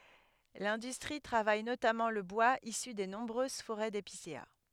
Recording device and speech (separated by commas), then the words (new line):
headset microphone, read sentence
L'industrie travaille notamment le bois issu des nombreuses forêts d'épicéas.